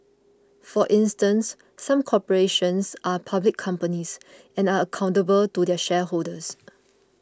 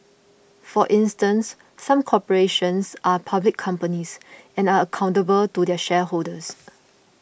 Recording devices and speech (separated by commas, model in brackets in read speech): close-talking microphone (WH20), boundary microphone (BM630), read sentence